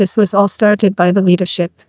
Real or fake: fake